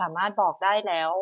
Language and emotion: Thai, neutral